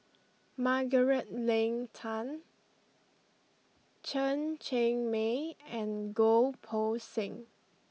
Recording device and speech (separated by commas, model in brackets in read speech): mobile phone (iPhone 6), read sentence